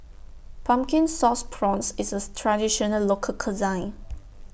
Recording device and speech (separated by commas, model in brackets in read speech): boundary microphone (BM630), read sentence